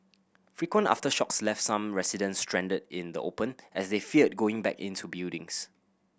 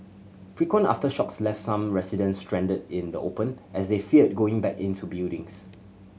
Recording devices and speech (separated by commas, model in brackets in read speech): boundary microphone (BM630), mobile phone (Samsung C7100), read sentence